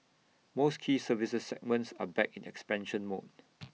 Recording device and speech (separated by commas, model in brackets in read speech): mobile phone (iPhone 6), read sentence